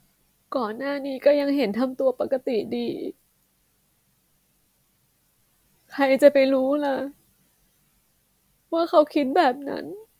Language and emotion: Thai, sad